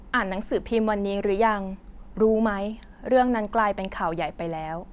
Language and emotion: Thai, neutral